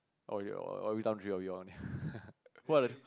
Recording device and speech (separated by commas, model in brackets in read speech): close-talking microphone, conversation in the same room